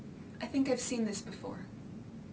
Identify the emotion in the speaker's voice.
fearful